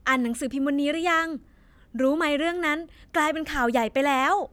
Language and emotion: Thai, happy